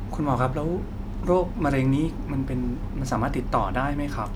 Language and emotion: Thai, frustrated